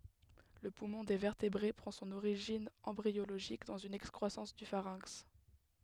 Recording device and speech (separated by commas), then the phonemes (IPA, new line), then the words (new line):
headset microphone, read sentence
lə pumɔ̃ de vɛʁtebʁe pʁɑ̃ sɔ̃n oʁiʒin ɑ̃bʁioloʒik dɑ̃z yn ɛkskʁwasɑ̃s dy faʁɛ̃ks
Le poumon des vertébrés prend son origine embryologique dans une excroissance du pharynx.